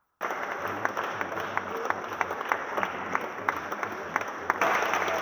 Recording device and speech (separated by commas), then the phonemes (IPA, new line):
rigid in-ear microphone, read sentence
le loʒisjɛl danimasjɔ̃ pɛʁmɛt syʁtu də modifje la vitɛs də defilmɑ̃ dez imaʒ